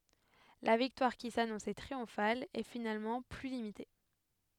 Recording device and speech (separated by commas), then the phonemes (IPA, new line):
headset microphone, read sentence
la viktwaʁ ki sanɔ̃sɛ tʁiɔ̃fal ɛ finalmɑ̃ ply limite